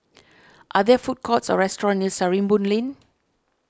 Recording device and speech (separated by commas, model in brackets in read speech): standing microphone (AKG C214), read sentence